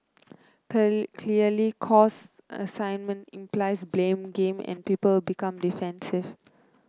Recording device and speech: close-talking microphone (WH30), read sentence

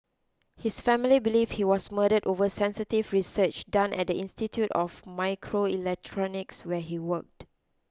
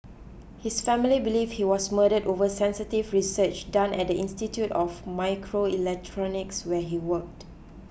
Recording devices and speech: close-talking microphone (WH20), boundary microphone (BM630), read sentence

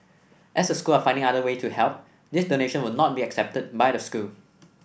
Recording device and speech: boundary microphone (BM630), read sentence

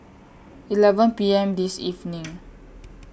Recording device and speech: boundary microphone (BM630), read sentence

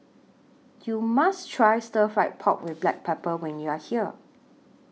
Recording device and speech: mobile phone (iPhone 6), read sentence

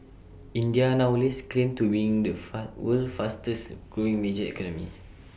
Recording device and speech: boundary microphone (BM630), read sentence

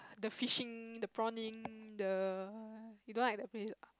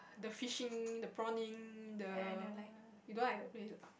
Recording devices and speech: close-talking microphone, boundary microphone, conversation in the same room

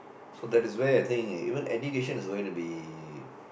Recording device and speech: boundary microphone, conversation in the same room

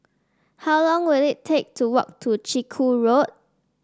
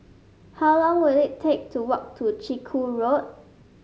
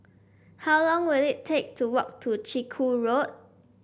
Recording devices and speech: standing microphone (AKG C214), mobile phone (Samsung S8), boundary microphone (BM630), read sentence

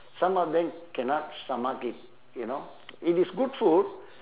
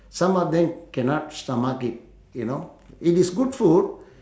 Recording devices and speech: telephone, standing microphone, conversation in separate rooms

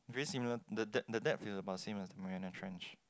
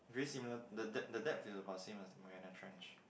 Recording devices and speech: close-talking microphone, boundary microphone, conversation in the same room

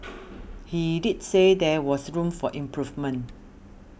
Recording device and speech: boundary microphone (BM630), read sentence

